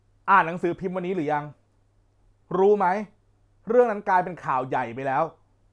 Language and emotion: Thai, frustrated